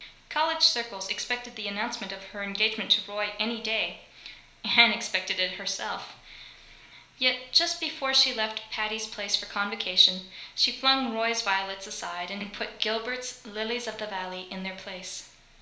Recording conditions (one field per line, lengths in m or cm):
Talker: one person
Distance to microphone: 1.0 m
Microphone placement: close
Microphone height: 1.1 m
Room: small (3.7 m by 2.7 m)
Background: none